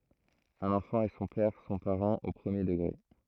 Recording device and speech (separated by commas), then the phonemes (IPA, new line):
throat microphone, read sentence
œ̃n ɑ̃fɑ̃ e sɔ̃ pɛʁ sɔ̃ paʁɑ̃z o pʁəmje dəɡʁe